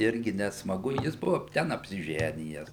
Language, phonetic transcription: Lithuanian, ˈirgi nesmaˈgu ˈjis ˈbuva ˈten apsiˈženijes

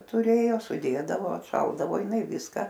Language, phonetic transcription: Lithuanian, tuˈrėjo suˈdėdavo atˈšaldavo jiˈnai ˈviska

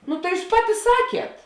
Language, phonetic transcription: Lithuanian, ˈnu tai ˈjūs ˈpaˌti ˈsakiet

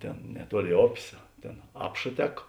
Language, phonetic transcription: Lithuanian, ˈtėn neˈtuoˌlėi ˈopės ˈtėn ˈapša ˈtek

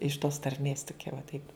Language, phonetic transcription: Lithuanian, iš tos tarˈmės toˈkia va ˈtaip

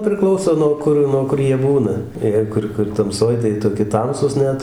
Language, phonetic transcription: Lithuanian, priˈklauso nuo ˈkur nuo ˈkur ˈjie ˈbūna ˈjei kur kur tamˈsoj tai ˈjie toˈki ˈtamsūs ˈnet

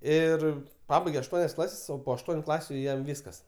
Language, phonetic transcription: Lithuanian, ˈir ˈpabaigė ašˈtuonias ˈklases o po ašˈtuoniu ˈklasiu ˈjam ˈvyskas

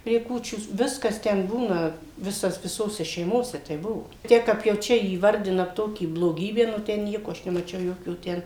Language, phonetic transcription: Lithuanian, prie ˈkūčių ˈviskas ten ˈbūna ˈvisas viˈsose šeiˈmose ˈteip ˈbuvo ˈtiek kap jau ˈčia įvarˈdina ˈtokį bloˈgybę nu ˈten ˈnieko ˈaš nemaˈčiau ˈjokio ˈten

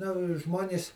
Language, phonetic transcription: Lithuanian, nu ˈžmonės

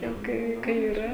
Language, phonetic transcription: Lithuanian, jau ˈkai ˈkai iˈra

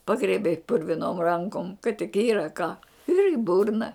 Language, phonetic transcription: Lithuanian, ˈpagriebei purviˈnom ˈrankom kad tik ˈyra ką ir į ˈburna

